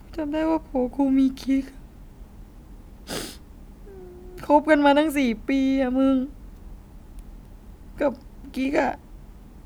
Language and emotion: Thai, sad